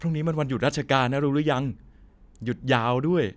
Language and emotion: Thai, neutral